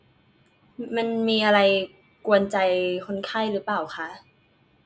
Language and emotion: Thai, frustrated